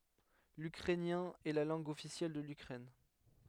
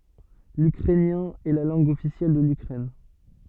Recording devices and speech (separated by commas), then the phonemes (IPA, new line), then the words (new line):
headset microphone, soft in-ear microphone, read sentence
lykʁɛnjɛ̃ ɛ la lɑ̃ɡ ɔfisjɛl də lykʁɛn
L'ukrainien est la langue officielle de l'Ukraine.